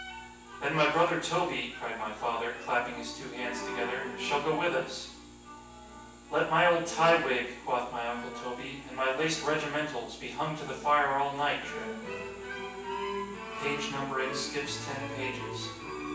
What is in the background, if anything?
Music.